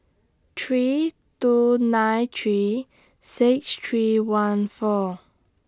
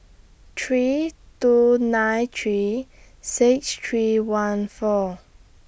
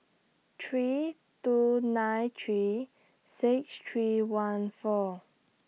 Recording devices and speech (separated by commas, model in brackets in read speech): standing microphone (AKG C214), boundary microphone (BM630), mobile phone (iPhone 6), read sentence